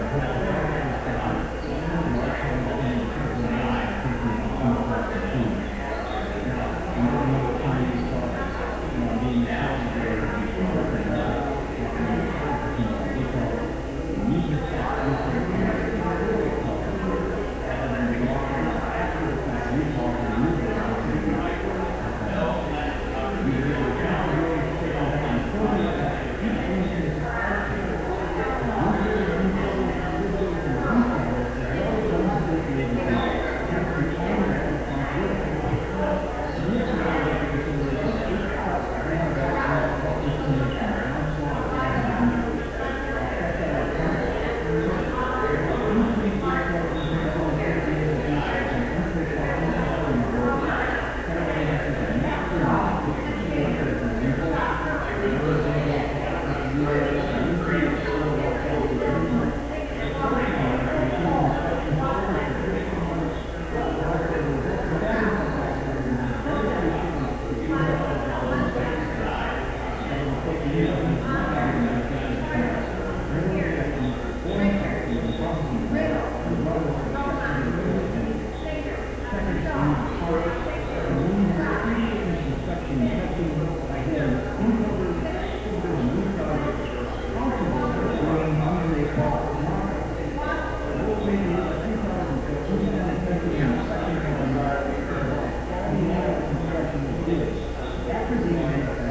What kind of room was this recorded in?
A large, echoing room.